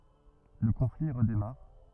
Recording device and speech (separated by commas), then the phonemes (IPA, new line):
rigid in-ear microphone, read sentence
lə kɔ̃fli ʁədemaʁ